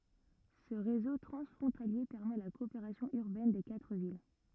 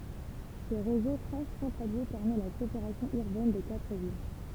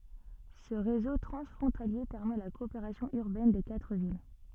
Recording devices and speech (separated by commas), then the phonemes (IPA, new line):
rigid in-ear microphone, temple vibration pickup, soft in-ear microphone, read sentence
sə ʁezo tʁɑ̃sfʁɔ̃talje pɛʁmɛ la kɔopeʁasjɔ̃ yʁbɛn de katʁ vil